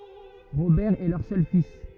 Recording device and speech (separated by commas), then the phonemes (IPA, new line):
rigid in-ear microphone, read sentence
ʁobɛʁ ɛ lœʁ sœl fis